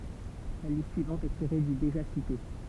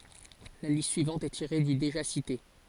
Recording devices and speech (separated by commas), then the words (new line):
temple vibration pickup, forehead accelerometer, read sentence
La liste suivante est tirée du déjà cité.